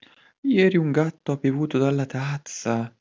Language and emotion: Italian, surprised